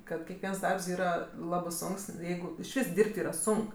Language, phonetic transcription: Lithuanian, kad kekˈviens ˈdarbs ˈyra ˈlabɜ ˈsonks ˈjeigu išˈvys ˈdyrb't' ˈyra ˈsunk

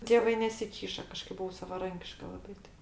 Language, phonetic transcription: Lithuanian, tėˈvai nesiˈkyša kaˈžkaip buˈvau savaˈrankiška laˈbai ˈtai

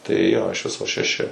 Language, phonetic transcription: Lithuanian, tai jo iš ˈviso šeˈši

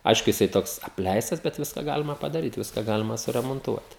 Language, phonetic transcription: Lithuanian, ˈaišku jiˈsai ˈtoks apˈleistas bet ˈviska ˈgalima padaˈryt ˈviska ˈgalima suremonˈtuot

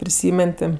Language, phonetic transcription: Lithuanian, priˈsymen ˈti

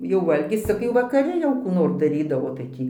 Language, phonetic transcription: Lithuanian, jau ˈvalgis ˈcik jau vakaˈri jau kų ˈnor daˈrydavo tai ˈtį

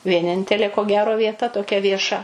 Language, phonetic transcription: Lithuanian, vieˈnintelė ko ˈgero vieˈta toˈkia vieˈša

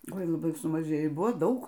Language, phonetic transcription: Lithuanian, ˈoi laˈbai sumaˈžėjo i ˈbuvo ˈdaug

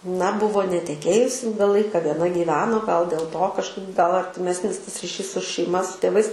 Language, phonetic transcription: Lithuanian, na ˈbuvo neteˈkėjus ˈilga ˈlaika vieˈna gyˈveno gal dėl to kažˈkaip gal artiˈmesnis tas riˈšys su šeiˈma su tėˈvais

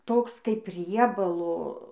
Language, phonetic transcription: Lithuanian, ˈtoks kaip ˈriebalo

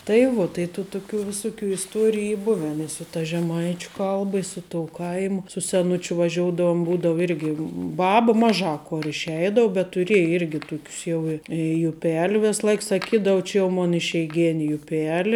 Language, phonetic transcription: Lithuanian, tai ˈvuo tai tų tuˈkių viˈsuˌkių isˈtuoriju ˈy ˈbuven i su ta žeˈmaičiu ˈkalba i ˈsu ˌtou ˈkaimu su seˈnučiu vaˈžioudavum ˈbūdavu ˈirgi ˈbaba ˈmaˌžā ˈkor išˈeidau bet tuˈrieji ˈirgi ˈtukius ˈjau i juˈpel' ˈvės ˈlaik saˈkydav ˈči jau ˈmon išeiˈgeni juˈpeli

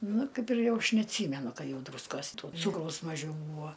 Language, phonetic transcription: Lithuanian, ˈnu ˈkaip ir ˈjau ˈaš neatˈsymenu ˈka ˈjau ˈdrūskos to ˈcūkraus maˈžiau ˈbūvo

